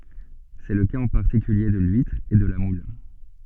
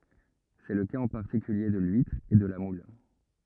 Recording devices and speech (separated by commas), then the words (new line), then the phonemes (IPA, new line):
soft in-ear microphone, rigid in-ear microphone, read sentence
C'est le cas en particulier de l'huître et de la moule.
sɛ lə kaz ɑ̃ paʁtikylje də lyitʁ e də la mul